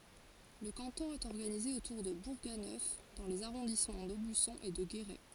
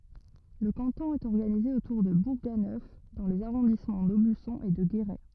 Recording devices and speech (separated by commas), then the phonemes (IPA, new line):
forehead accelerometer, rigid in-ear microphone, read sentence
lə kɑ̃tɔ̃ ɛt ɔʁɡanize otuʁ də buʁɡanœf dɑ̃ lez aʁɔ̃dismɑ̃ dobysɔ̃ e də ɡeʁɛ